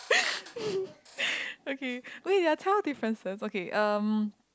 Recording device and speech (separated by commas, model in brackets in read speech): close-talking microphone, conversation in the same room